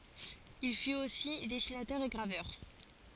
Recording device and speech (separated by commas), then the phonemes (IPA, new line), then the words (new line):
forehead accelerometer, read sentence
il fyt osi dɛsinatœʁ e ɡʁavœʁ
Il fut aussi dessinateur et graveur.